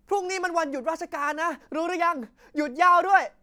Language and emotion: Thai, happy